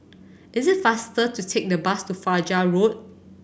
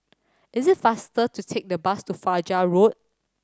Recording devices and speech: boundary microphone (BM630), standing microphone (AKG C214), read sentence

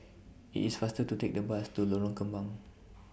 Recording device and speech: boundary microphone (BM630), read sentence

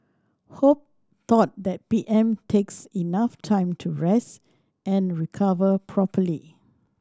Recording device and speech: standing microphone (AKG C214), read sentence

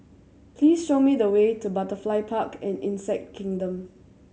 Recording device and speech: mobile phone (Samsung C7100), read sentence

